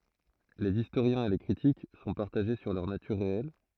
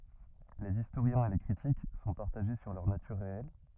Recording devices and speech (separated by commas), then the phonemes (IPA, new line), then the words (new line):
throat microphone, rigid in-ear microphone, read sentence
lez istoʁjɛ̃z e le kʁitik sɔ̃ paʁtaʒe syʁ lœʁ natyʁ ʁeɛl
Les historiens et les critiques sont partagés sur leur nature réelle.